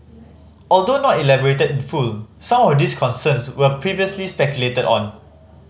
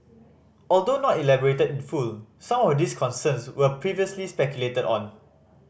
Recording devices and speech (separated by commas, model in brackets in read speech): mobile phone (Samsung C5010), boundary microphone (BM630), read sentence